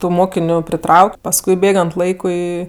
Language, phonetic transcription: Lithuanian, tu ˈmokiniu priˈtrauk' pasˈkui ˈbėgant ˈlaikui

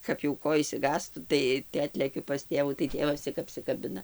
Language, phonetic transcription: Lithuanian, kap jau ˈko išsiˈgąstu ˈtai tai ˈatlekiu pas ˈtėvų tai ˈtėvas ˈcik apsikaˈbina

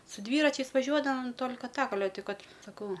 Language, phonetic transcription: Lithuanian, su ˈdvyračiais vaˈžiuodavam ˈtol'ka ˈtak aˈle ˈti ˈkad saˈkau

